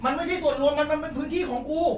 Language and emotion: Thai, angry